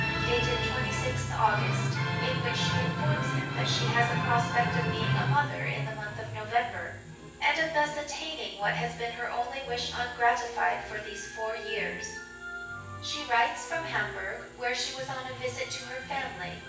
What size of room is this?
A sizeable room.